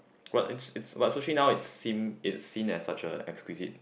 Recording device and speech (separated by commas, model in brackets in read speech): boundary microphone, conversation in the same room